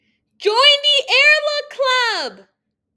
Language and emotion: English, happy